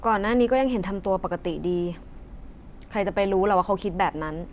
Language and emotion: Thai, frustrated